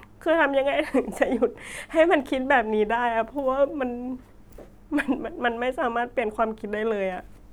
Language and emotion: Thai, sad